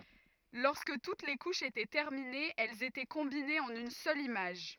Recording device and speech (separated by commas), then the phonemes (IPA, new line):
rigid in-ear microphone, read sentence
lɔʁskə tut le kuʃz etɛ tɛʁminez ɛlz etɛ kɔ̃binez ɑ̃n yn sœl imaʒ